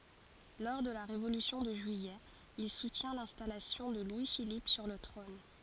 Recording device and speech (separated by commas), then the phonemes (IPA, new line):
forehead accelerometer, read sentence
lɔʁ də la ʁevolysjɔ̃ də ʒyijɛ il sutjɛ̃ lɛ̃stalasjɔ̃ də lwi filip syʁ lə tʁɔ̃n